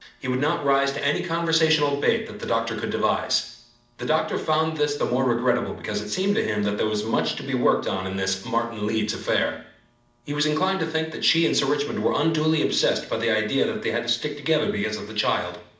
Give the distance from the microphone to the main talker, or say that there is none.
2.0 m.